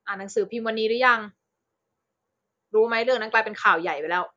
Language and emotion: Thai, frustrated